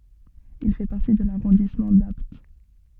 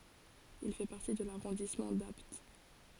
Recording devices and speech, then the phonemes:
soft in-ear microphone, forehead accelerometer, read sentence
il fɛ paʁti də laʁɔ̃dismɑ̃ dapt

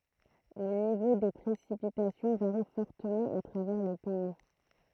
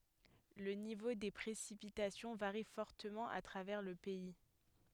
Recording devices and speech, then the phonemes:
throat microphone, headset microphone, read sentence
lə nivo de pʁesipitasjɔ̃ vaʁi fɔʁtəmɑ̃ a tʁavɛʁ lə pɛi

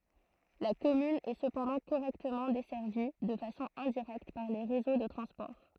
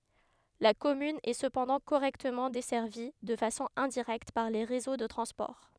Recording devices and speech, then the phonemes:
throat microphone, headset microphone, read sentence
la kɔmyn ɛ səpɑ̃dɑ̃ koʁɛktəmɑ̃ dɛsɛʁvi də fasɔ̃ ɛ̃diʁɛkt paʁ le ʁezo də tʁɑ̃spɔʁ

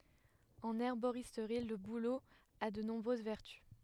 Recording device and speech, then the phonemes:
headset microphone, read sentence
ɑ̃n ɛʁboʁistʁi lə bulo a də nɔ̃bʁøz vɛʁty

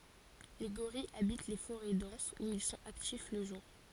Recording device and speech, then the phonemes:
forehead accelerometer, read sentence
le ɡoʁijz abit le foʁɛ dɑ̃sz u il sɔ̃t aktif lə ʒuʁ

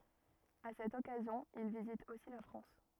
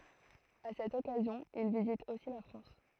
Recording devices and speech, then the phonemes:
rigid in-ear microphone, throat microphone, read sentence
a sɛt ɔkazjɔ̃ il vizit osi la fʁɑ̃s

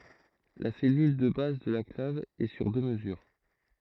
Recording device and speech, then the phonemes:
throat microphone, read sentence
la sɛlyl də baz də la klav ɛ syʁ dø məzyʁ

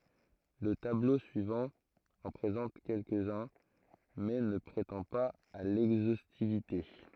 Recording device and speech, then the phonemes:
throat microphone, read sentence
lə tablo syivɑ̃ ɑ̃ pʁezɑ̃t kɛlkəzœ̃ mɛ nə pʁetɑ̃ paz a lɛɡzostivite

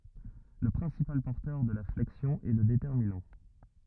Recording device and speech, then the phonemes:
rigid in-ear microphone, read sentence
lə pʁɛ̃sipal pɔʁtœʁ də la flɛksjɔ̃ ɛ lə detɛʁminɑ̃

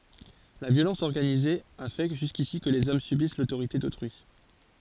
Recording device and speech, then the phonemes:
forehead accelerometer, read sentence
la vjolɑ̃s ɔʁɡanize a fɛ ʒyskisi kə lez ɔm sybis lotoʁite dotʁyi

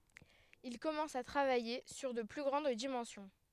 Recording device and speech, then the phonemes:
headset microphone, read sentence
il kɔmɑ̃s a tʁavaje syʁ də ply ɡʁɑ̃d dimɑ̃sjɔ̃

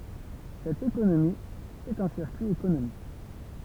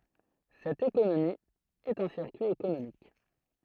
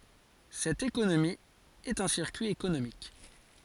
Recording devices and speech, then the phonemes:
temple vibration pickup, throat microphone, forehead accelerometer, read sentence
sɛt ekonomi ɛt œ̃ siʁkyi ekonomik

